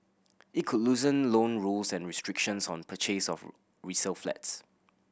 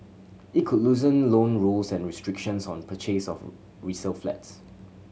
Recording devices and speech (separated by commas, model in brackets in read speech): boundary microphone (BM630), mobile phone (Samsung C7100), read sentence